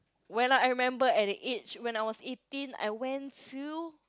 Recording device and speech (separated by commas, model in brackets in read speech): close-talking microphone, conversation in the same room